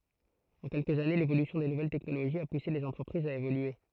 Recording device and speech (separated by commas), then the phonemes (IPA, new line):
throat microphone, read sentence
ɑ̃ kɛlkəz ane levolysjɔ̃ de nuvɛl tɛknoloʒiz a puse lez ɑ̃tʁəpʁizz a evolye